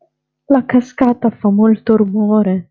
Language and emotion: Italian, fearful